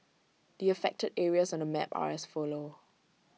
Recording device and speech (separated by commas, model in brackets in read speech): mobile phone (iPhone 6), read sentence